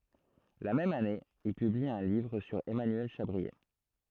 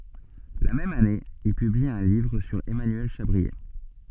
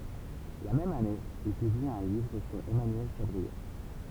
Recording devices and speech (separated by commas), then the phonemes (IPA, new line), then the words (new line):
throat microphone, soft in-ear microphone, temple vibration pickup, read sentence
la mɛm ane il pybli œ̃ livʁ syʁ ɛmanyɛl ʃabʁie
La même année, il publie un livre sur Emmanuel Chabrier.